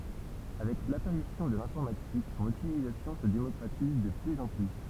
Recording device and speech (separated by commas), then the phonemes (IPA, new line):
temple vibration pickup, read sentence
avɛk lapaʁisjɔ̃ də lɛ̃fɔʁmatik sɔ̃n ytilizasjɔ̃ sə demɔkʁatiz də plyz ɑ̃ ply